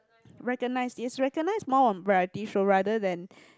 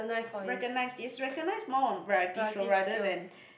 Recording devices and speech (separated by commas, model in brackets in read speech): close-talking microphone, boundary microphone, conversation in the same room